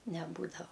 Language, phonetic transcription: Lithuanian, neˈbūdava

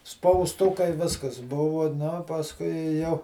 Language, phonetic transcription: Lithuanian, spausˈtukai ˈviskas ˈbuvu nu pasˈkui i jau

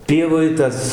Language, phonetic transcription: Lithuanian, ˈpievoj ˈtas

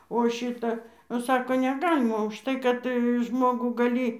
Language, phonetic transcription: Lithuanian, o ˈšita o ˈsako neˈgalima užˈtai kad ˈžmogų gaˈly

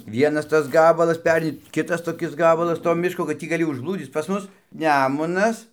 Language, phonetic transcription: Lithuanian, ˈvienas ˈtas ˈgabalas ˈpereini ˈkitas toˈkis ˈgabalas to ˈmiško kad ˈtį gaˈli užblūˈdzyc pas ˈmus ˈnemunas

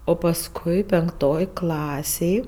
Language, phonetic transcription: Lithuanian, o pasˈkui penkˈtoj ˈklasėj

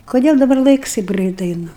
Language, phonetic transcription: Lithuanian, koˈdėl daˈbar ˈlaiks ˈtaip ˈgrɜit ˈeinu

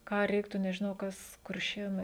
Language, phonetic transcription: Lithuanian, ˈką ˈreiktų nežiˈnau ˈkas kurˈšėnai

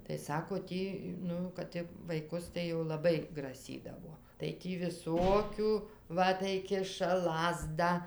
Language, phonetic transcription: Lithuanian, tai ˈsako ˈtį ˈnu kad ti vaiˈkus tai jau laˈbai graˈsydavo tai ˈtį viˈsokiu ˈva tai ˈkiša ˈlazdą

